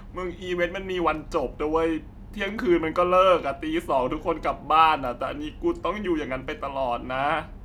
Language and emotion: Thai, sad